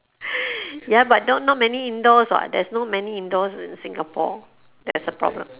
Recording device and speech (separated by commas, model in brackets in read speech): telephone, conversation in separate rooms